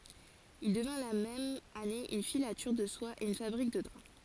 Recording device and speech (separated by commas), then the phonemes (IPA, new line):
forehead accelerometer, read sentence
il dəvɛ̃ la mɛm ane yn filatyʁ də swa e yn fabʁik də dʁa